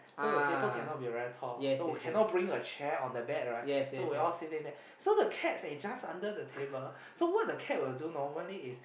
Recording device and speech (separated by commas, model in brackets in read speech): boundary microphone, conversation in the same room